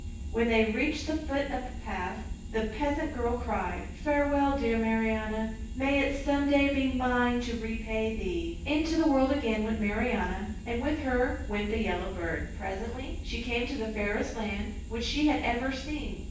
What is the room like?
A large room.